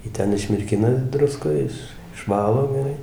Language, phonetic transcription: Lithuanian, ˈjį ˈten išmirˈkina ˈdruskoj ˈiš išˈvalo geˈrai

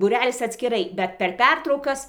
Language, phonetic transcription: Lithuanian, ˈtai būˈrelis atskiˈrai bet per ˈpertraukas

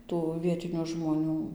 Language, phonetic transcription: Lithuanian, ˈtų ˈvietiniu žmoˈnių

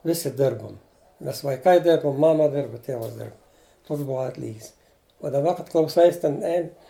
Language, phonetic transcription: Lithuanian, ˈvisi ˈdirbom ˈmes vaiˈkai ˈdirbum ˈmama ˈdirbu ˈtėvas ˈdirb ˈtoks ˈbuo ˈatlygis o daˈba kad klauˈsais ten ˈein

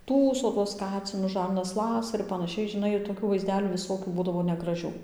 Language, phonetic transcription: Lithuanian, ˈtųso tuos ˈkacinus ˈžarnas ˈlasa ir panaˈšiai žinˈai ir toˈkių vaizˈdelių viˈsokių ˈbūdavo negraˈžių

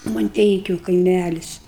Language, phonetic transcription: Lithuanian, manˈteikiu kaiˈmælis

